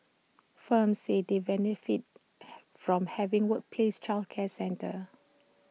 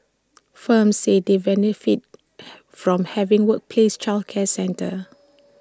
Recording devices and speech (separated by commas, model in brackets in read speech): mobile phone (iPhone 6), standing microphone (AKG C214), read sentence